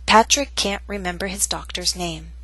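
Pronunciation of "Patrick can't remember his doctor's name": The t in 'Patrick' is a true T, the t in 'can't' is a glottal stop, and the t in 'doctor's' is a true T.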